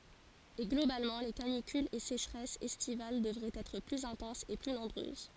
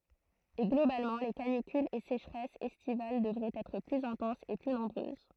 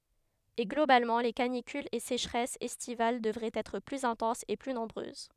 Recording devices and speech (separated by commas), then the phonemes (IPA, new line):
forehead accelerometer, throat microphone, headset microphone, read sentence
e ɡlobalmɑ̃ le kanikylz e seʃʁɛsz ɛstival dəvʁɛt ɛtʁ plyz ɛ̃tɑ̃sz e ply nɔ̃bʁøz